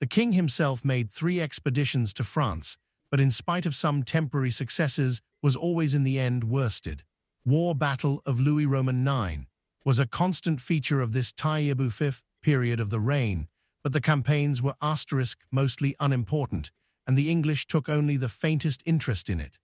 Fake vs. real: fake